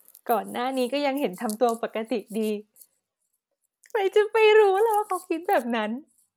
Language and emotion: Thai, happy